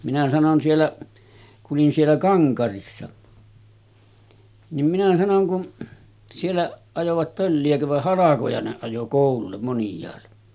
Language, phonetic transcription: Finnish, minä sanon 'siellä , ku’ ’olin siellä 'Kaŋkarissa , nim minä 'sanoŋ kun , sielläˀ , ajovat 'pölli₍äkö vah "halakoja ne ajo 'kòulullem monj̀aalle .
- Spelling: minä sanoin siellä kun olin siellä Kankarissa niin minä sanoin kun siellä ajoivat pölliäkö vai halkoja ne ajoi koululle moniaalle

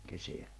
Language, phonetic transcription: Finnish, keseä .
- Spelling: kesää

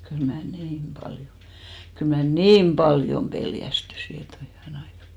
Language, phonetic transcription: Finnish, kyl mä "niim 'ʙaljo , kyl mä "niim "ʙaljom 'peljästysi et ‿oi 'hyväne aika !
- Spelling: kyllä minä niin paljon kyllä minä niin paljon pelästyin että oi hyvänen aika

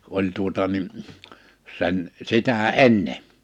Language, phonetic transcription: Finnish, 'oĺ tuota nin , 'sen 'sitä "’enne .
- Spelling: oli tuota niin sen sitä ennen

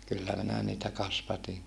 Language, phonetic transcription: Finnish, kyllä minä niitä kasvatiŋ ,.
- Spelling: kyllä minä niitä kasvatin

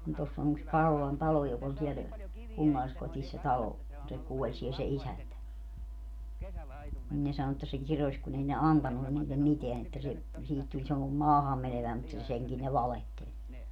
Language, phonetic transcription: Finnish, ni 'toss ‿on ‿yks "Karolan talo jok ‿oĺ siɛl , 'kunnalliskotis se "talo , kun se 'kuoĺ siel se "isäntä , nin ne 'sano että se 'kiroś kun ‿ei ne "antannu niillem 'miteän ‿että se , 'siihit tuĺ semmo - "maahammeneväi mutta 'seŋkin ne "valehteĺ .
- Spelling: niin tuossa on yksi Karolan talo joka oli siellä kunnalliskodissa se talo kun se kuoli siellä se isäntä niin ne sanoi että se kirosi kun ei ne antanut niille mitään että se siihen tuli - maahanmeneväinen mutta senkin ne valehteli

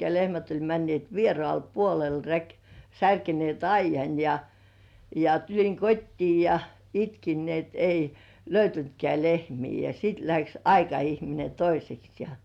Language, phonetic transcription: Finnish, lehmät oĺ männĭèt "vierŏ§àl 'puolel rek- , 'särkenĭèt "aijjan ja , ja 'tuĺiŋ "kot́tii jᴀ , 'itkin ni ‿et 'ei , "löytyntkĕä§ 'lehmii ja sit läks "aika₍ihmine 'toiseks jᴀ .
- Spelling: lehmät oli menneet vieraalle puolelle - särkeneet aidan ja ja tulin kotiin ja itkin niin että ei löytynytkään lehmiä ja sitten lähti aikaihminen toiseksi ja

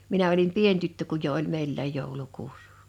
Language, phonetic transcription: Finnish, minä̰ olim "pien tyttö kuj jo '’oĺ 'meillä̀j 'jòuĺukuus .
- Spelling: minä olin pieni tyttö kun jo oli meilläkin joulukuusi

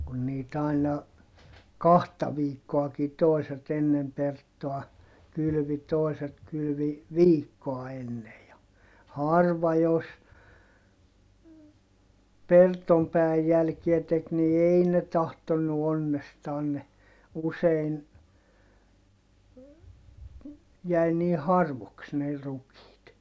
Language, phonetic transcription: Finnish, kun niit ‿aina , kahta viikkoaki toiset ennem Perttoa , kylʸvi toiset kylvi , viikkoa ennej ja , harva jos , Pertom pää₍äj jälkiä tek ni ei ne tahtonnu onnestaan ne , usein , jäi nii harvoks ne rukiit .
- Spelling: kun niitä aina kahta viikkoakin toiset ennen Perttoa kylvi toiset kylvi viikkoa ennen ja harva jos Perton päivän jälkiä teki niin ei ne tahtonut onnestaan ne usein jäi niin harvoiksi ne rukiit

